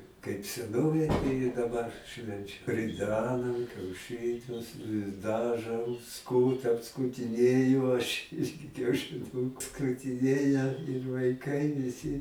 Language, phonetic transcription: Lithuanian, kaip seˈnovėj tai i daˈbar ˈšvenčia riˈdenam kiauˈšɨnius i ˈdaˌžom ˈskūtam skūtiˈnėju aš ˈirgi kiaušiˈnūku skutiˈnėja ir vaiˈkai viˈsi

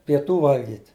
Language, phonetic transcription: Lithuanian, pieˈtų ˈvalgyt

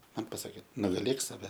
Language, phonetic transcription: Lithuanian, ˈman paˈsakė nugaˈlėk saˈve

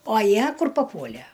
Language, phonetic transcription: Lithuanian, o ˈjie ˈkur paˈpuolæ

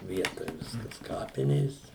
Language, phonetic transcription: Lithuanian, ˈvietoj ˈviskas ˈkapinės

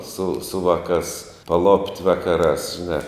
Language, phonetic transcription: Lithuanian, su su ˈvaˌkās paˈlopt' ˈvakaˌrās žiˈnā

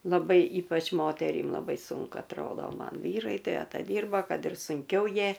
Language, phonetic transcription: Lithuanian, laˈbai ˈypač ˈmoterym laˈbai ˈsunku atˈrodo ˈman ˈvyrai tai ataˈdyrba ˈkad ir sunˈkiau ˈjie

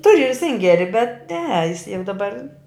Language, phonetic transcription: Lithuanian, ˈturiu ir ˈsingeri bet ne jis jau daˈbar

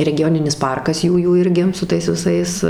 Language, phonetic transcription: Lithuanian, regiˈjoninis ˈparkas ˈjųjų ˈirgi su ˈtais viˈsais

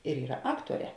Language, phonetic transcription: Lithuanian, ir ˈyra ˈaktuoˌrē

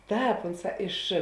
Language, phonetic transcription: Lithuanian, ˈtāp ˈunˌsā iš

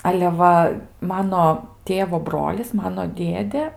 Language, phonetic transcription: Lithuanian, ale ˈva ˈmano ˈtėvo ˈbrolis ˈmano ˈdėdė

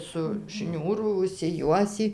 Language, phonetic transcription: Lithuanian, su ˈšniūru užsiˈjuosį

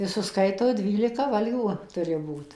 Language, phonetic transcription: Lithuanian, i suˈskaito ˈdvylika ˈvalgių ˈturi ˈbūt

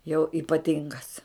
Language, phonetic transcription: Lithuanian, jau ipaˈtingas

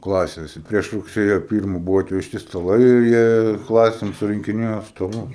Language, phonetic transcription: Lithuanian, ˈklasėse ˈprieš rugˈsėjo ˈpyrmu ˈbuvo atvežˈti staˈlai ir ˈjie ˈklasėm surinkiˈnėjo staˈlus

